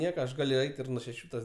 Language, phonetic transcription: Lithuanian, ˈnieka aš ˈgaliu ˈeit ir nuo šeˈšių tas

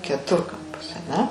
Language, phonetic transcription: Lithuanian, keˈturkampas aˈne

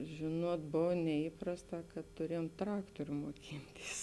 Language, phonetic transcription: Lithuanian, ˈžėˌnuot ˈbov neįˈprasˌtā kad tuˈriejom ˈtraktoriu moˈkinˌtys

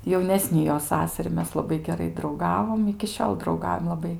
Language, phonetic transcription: Lithuanian, jauˈnesni jo ˈsasari ˈmes laˈbai geˈrai drauˈgavom iki ˈšiol drauˈgaujam laˈbai

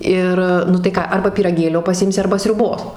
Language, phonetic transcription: Lithuanian, ˈir nu tai ˈką ˈarba pyraˈgėlio paˈsimsi ˈarba sriuˈbos

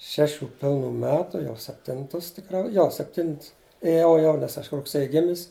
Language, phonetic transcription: Lithuanian, ˈšeˌšių ˈpilˌnų ˈmetu jau sepˈtintus tiˈkrau ˈjo sepˈtints ėˈjau jau nes ˈaš rugˈsėji ˈgimis

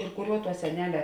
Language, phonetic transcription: Lithuanian, ir ˈkuˌriuo tuo seˈnele

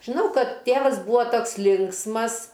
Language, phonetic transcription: Lithuanian, žiˈnau ˈkad ˈtėvas ˈbūo ˈtoks ˈlinksmas

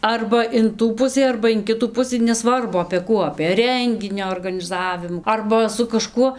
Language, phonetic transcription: Lithuanian, ˈarba in ˈtų ˈpusį arba in ˈkitų ˈpusɨ neˈsvarbu apė ˈkų apė ˈrenginio organiˈzavimų ˈarba su kaˈžkuo

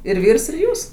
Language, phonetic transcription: Lithuanian, ir ˈvyrs ir ˈjūs

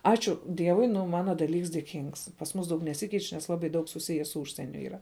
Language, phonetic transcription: Lithuanian, ˈačiu ˈdievui ˈnu ˈmana daˈlyks dėˈkyngs pas ˈmūs ˈdaug neˈsikeič nes ˈlabai ˈdaug suˈsije su ˈūžsieniu yˈra

